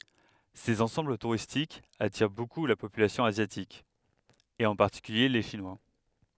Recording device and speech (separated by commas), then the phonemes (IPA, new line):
headset microphone, read sentence
sez ɑ̃sɑ̃bl tuʁistikz atiʁ boku la popylasjɔ̃ azjatik e ɑ̃ paʁtikylje le ʃinwa